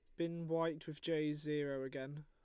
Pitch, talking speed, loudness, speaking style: 150 Hz, 175 wpm, -41 LUFS, Lombard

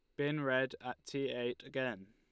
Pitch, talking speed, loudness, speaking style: 130 Hz, 190 wpm, -38 LUFS, Lombard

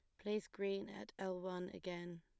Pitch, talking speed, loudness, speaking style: 185 Hz, 180 wpm, -45 LUFS, plain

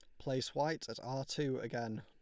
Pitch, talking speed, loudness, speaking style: 130 Hz, 200 wpm, -39 LUFS, Lombard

